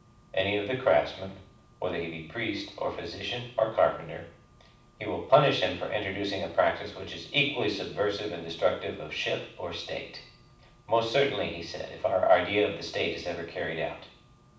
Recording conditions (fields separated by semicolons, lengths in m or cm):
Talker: one person; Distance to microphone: 5.8 m; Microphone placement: far; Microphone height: 1.8 m; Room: medium-sized (5.7 m by 4.0 m); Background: none